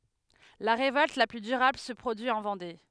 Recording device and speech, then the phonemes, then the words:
headset microphone, read sentence
la ʁevɔlt la ply dyʁabl sə pʁodyi ɑ̃ vɑ̃de
La révolte la plus durable se produit en Vendée.

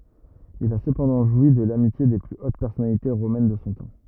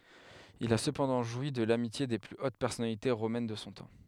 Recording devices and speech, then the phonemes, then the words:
rigid in-ear microphone, headset microphone, read sentence
il a səpɑ̃dɑ̃ ʒwi də lamitje de ply ot pɛʁsɔnalite ʁomɛn də sɔ̃ tɑ̃
Il a cependant joui de l'amitié des plus hautes personnalités romaines de son temps.

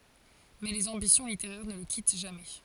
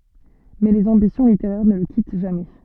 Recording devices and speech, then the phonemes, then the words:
forehead accelerometer, soft in-ear microphone, read sentence
mɛ lez ɑ̃bisjɔ̃ liteʁɛʁ nə lə kit ʒamɛ
Mais les ambitions littéraires ne le quittent jamais.

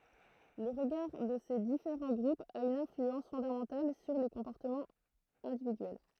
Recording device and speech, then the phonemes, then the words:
throat microphone, read sentence
lə ʁəɡaʁ də se difeʁɑ̃ ɡʁupz a yn ɛ̃flyɑ̃s fɔ̃damɑ̃tal syʁ le kɔ̃pɔʁtəmɑ̃z ɛ̃dividyɛl
Le regard de ces différents groupes a une influence fondamentale sur les comportements individuels.

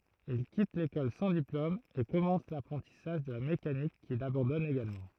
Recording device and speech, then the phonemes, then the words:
throat microphone, read sentence
il kit lekɔl sɑ̃ diplom e kɔmɑ̃s lapʁɑ̃tisaʒ də la mekanik kil abɑ̃dɔn eɡalmɑ̃
Il quitte l’école sans diplôme et commence l’apprentissage de la mécanique qu’il abandonne également.

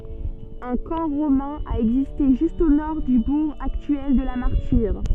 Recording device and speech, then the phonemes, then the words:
soft in-ear microphone, read sentence
œ̃ kɑ̃ ʁomɛ̃ a ɛɡziste ʒyst o nɔʁ dy buʁ aktyɛl də la maʁtiʁ
Un camp romain a existé juste au nord du bourg actuel de La Martyre.

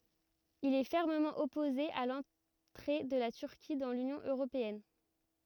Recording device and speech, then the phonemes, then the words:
rigid in-ear microphone, read sentence
il ɛ fɛʁməmɑ̃ ɔpoze a lɑ̃tʁe də la tyʁki dɑ̃ lynjɔ̃ øʁopeɛn
Il est fermement opposé à l'entrée de la Turquie dans l'Union européenne.

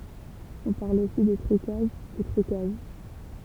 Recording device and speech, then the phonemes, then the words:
temple vibration pickup, read sentence
ɔ̃ paʁl osi də tʁykaʒ u tʁykaʒ
On parle aussi de trucages, ou truquages.

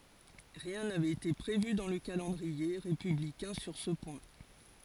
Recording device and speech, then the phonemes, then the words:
forehead accelerometer, read sentence
ʁiɛ̃ navɛt ete pʁevy dɑ̃ lə kalɑ̃dʁie ʁepyblikɛ̃ syʁ sə pwɛ̃
Rien n'avait été prévu dans le calendrier républicain sur ce point.

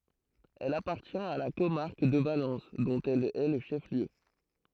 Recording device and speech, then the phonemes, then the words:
throat microphone, read sentence
ɛl apaʁtjɛ̃t a la komaʁk də valɑ̃s dɔ̃t ɛl ɛ lə ʃɛf ljø
Elle appartient à la comarque de Valence, dont elle est le chef-lieu.

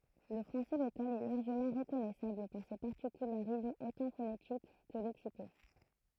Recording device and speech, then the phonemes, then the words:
throat microphone, read sentence
lə fʁɑ̃sɛ lokal ɛ laʁʒəmɑ̃ ʁəkɔnɛsabl paʁ se paʁtikylaʁismz otɑ̃ fonetik kə lɛksiko
Le français local est largement reconnaissable par ses particularismes autant phonétiques que lexicaux.

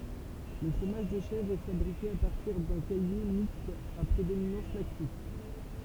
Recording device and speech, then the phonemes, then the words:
temple vibration pickup, read sentence
lə fʁomaʒ də ʃɛvʁ ɛ fabʁike a paʁtiʁ dœ̃ kaje mikst a pʁedominɑ̃s laktik
Le fromage de chèvre est fabriqué à partir d'un caillé mixte à prédominance lactique.

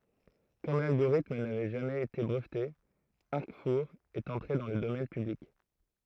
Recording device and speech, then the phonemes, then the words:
throat microphone, read sentence
kɔm lalɡoʁitm navɛ ʒamɛz ete bʁəvte aʁkfuʁ ɛt ɑ̃tʁe dɑ̃ lə domɛn pyblik
Comme l'algorithme n'avait jamais été breveté, Arcfour est entré dans le domaine public.

